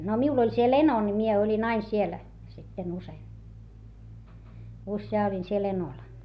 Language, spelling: Finnish, no minulla oli siellä eno niin minä olin aina siellä sitten usein useaan olin siellä enolla
- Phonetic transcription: no miul ‿oĺ siel ‿eno ni mie oĺin ‿ain siel , sitten usei , usjaa oĺin siel ‿enol .

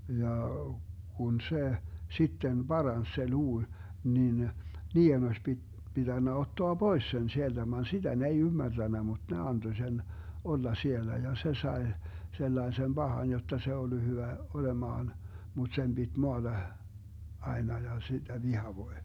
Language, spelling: Finnish, ja kun se sitten paransi se luu niin niiden olisi - pitänyt ottaa pois sen sieltä vaan sitä ne ei ymmärtänyt mutta ne antoi sen olla siellä ja se sai sellaisen pahan jotta se ollut hyvä olemaan mutta sen piti maata aina ja sitä vihavoi
- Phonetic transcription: 'jà , 'kun 'se , 'sitten 'Barans se 'luu , 'nin , 'nii₍en oś pi- , 'pitännä 'ottoa "Bois 'sen 'sielDä van 'siDä ne ei 'ymmärDännä mut ne 'anDo sen , 'olla 'siellä ja 'se 'sae , 'sellaesem "Bahan jotta se 'ollu 'hyvä , 'olemaan , mut 'sem BiD 'moaDa , 'aena ja , siDä 'vihavoi̮ .

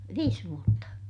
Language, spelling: Finnish, viisi vuotta
- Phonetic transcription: viis vuotta .

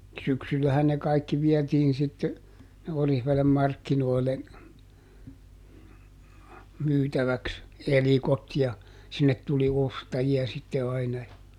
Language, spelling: Finnish, syksyllähän ne kaikki vietiin sitten sinne Oriveden markkinoille myytäväksi elikot ja sinne tuli ostajia sitten aina ja
- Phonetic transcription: ˈsyksyllähän ne ˈkaikki ˈviɛtiin sitte , [sin]ne ˈOrihvelem ˈmarkkinoile , ˈmyytäväks , "elikot ja , ˈsinnet tuli "ostaji₍a sitte aina (ja) ,.

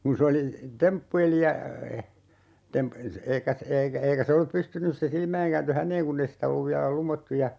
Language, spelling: Finnish, kun se oli temppuili ja - eikä eikä eikä se ollut pystynyt se - silmäinkääntö häneen kun ei sitä ollut vielä lumottu ja
- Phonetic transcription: kun̬ 'se oli , 'temppu₍eli ja , 'tem- , 'eikä , 'eikä 'eikä se ollup "pystynys se 'silmäiŋ ‿kääntö "häǹeeŋ kunn ‿ei sitä 'olluv viälä "lumottu ja ,.

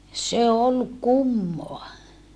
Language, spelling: Finnish, se oli kummaa
- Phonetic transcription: se ol kummoa .

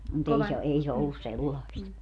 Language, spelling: Finnish, mutta ei se ei se ollut sellaista
- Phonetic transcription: mu't ‿ei se , 'ei se 'ollus "sellaist .

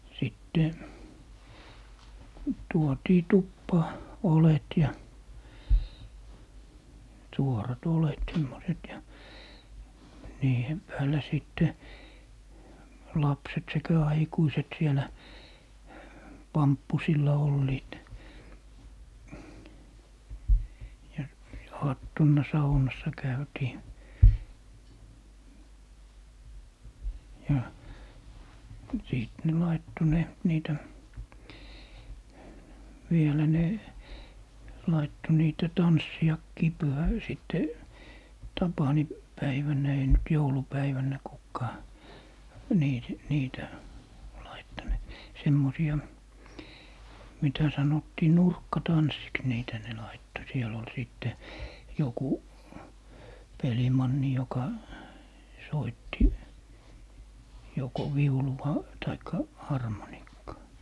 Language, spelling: Finnish, ja sitten tuotiin tupaan oljet ja suorat oljet semmoiset ja niiden päällä sitten lapset sekä aikuiset siellä pamppusilla olivat ja aattona saunassa käytiin ja sitten ne laittoi ne niitä vielä ne laittoi niitä tanssejakin - sitten - tapaninpäivänä ei nyt joulupäivänä kukaan - niitä laittanut semmoisia mitä sanottiin nurkkatansseiksi niitä ne laittoi siellä oli sitten joku pelimanni joka soitti joko viulua tai harmonikkaa
- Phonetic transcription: ja , 'sitte , 'tuotii "tuppaa , 'olet ja , 'suorat 'olet 'semmoset ja , 'niihem 'päälä 'sìtte , 'lapset 'sekä 'aikuiset 'sielä , "pamppusilla 'olliit , ja 'aattonna "saunassa 'käytii , ja , 'sìt ne 'laitto 'ne , 'niitä , 'vielä ne , 'laitto niitä "tanssiʲakkii 'pyhä- , 'sìtte , "tapani- , -'päiväǹä 'ei nyt 'joulu'päiväǹä 'kukkaa , 'nii- , 'niitä , 'laittanut , 'semmosi₍a , 'mitä 'sanottii "nurkkatanssiks niitä ne 'laitto 'siell ‿ol 'sìtte , 'joku , "pelimanni joka , 'soitti , 'joko "viuluva , taikka , "harmonikkaa .

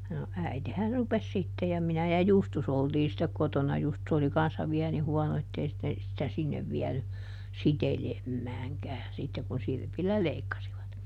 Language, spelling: Finnish, no äitihän rupesi sitten ja minä ja Justus oltiin sitten kotona ja Justus oli kanssa vielä niin huono että ei sitten sitä sinne vienyt sitelemäänkään sitten kun sirpillä leikkasivat
- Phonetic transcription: no , ˈäitehä "rupes sitte - ja ˈminä ja "Justus oltii sittek ˈkotona (ja) ˈJustus oli ˈkanssa ˈviä ni ˈhuɔno ettei sitte , sitä "sinnev ˈviɛny , "sitelemmääŋkään sittek kun ˈsirpillä ˈleikkasivat .

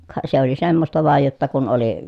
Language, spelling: Finnish, ka se oli semmoista vain jotta kun oli
- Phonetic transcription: ka se ‿oli semmosta vàej jotta kun oli ,.

